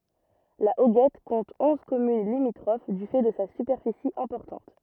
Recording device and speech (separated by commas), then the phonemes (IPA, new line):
rigid in-ear microphone, read sentence
la oɡɛt kɔ̃t ɔ̃z kɔmyn limitʁof dy fɛ də sa sypɛʁfisi ɛ̃pɔʁtɑ̃t